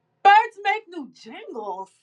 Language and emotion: English, disgusted